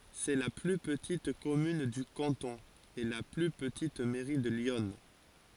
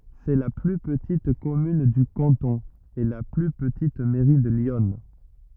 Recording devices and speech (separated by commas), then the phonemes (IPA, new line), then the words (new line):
forehead accelerometer, rigid in-ear microphone, read sentence
sɛ la ply pətit kɔmyn dy kɑ̃tɔ̃ e la ply pətit mɛʁi də ljɔn
C'est la plus petite commune du canton, et la plus petite mairie de l'Yonne.